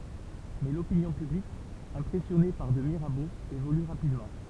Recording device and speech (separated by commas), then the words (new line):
temple vibration pickup, read sentence
Mais l'opinion publique impressionnée par de Mirabeau évolue rapidement.